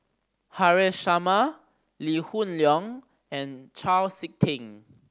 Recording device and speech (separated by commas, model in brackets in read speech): standing microphone (AKG C214), read sentence